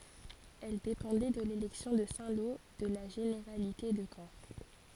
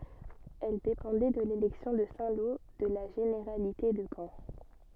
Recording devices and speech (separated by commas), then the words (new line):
forehead accelerometer, soft in-ear microphone, read sentence
Elle dépendait de l'élection de Saint-Lô, de la généralité de Caen.